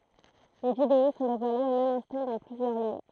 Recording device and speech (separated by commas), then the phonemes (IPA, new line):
throat microphone, read sentence
le video sɔ̃ devwalez o mɛm ɛ̃stɑ̃ dɑ̃ plyzjœʁ ljø